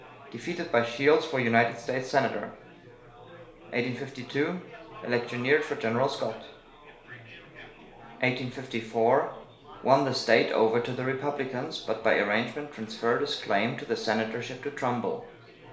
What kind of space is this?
A small space (about 3.7 m by 2.7 m).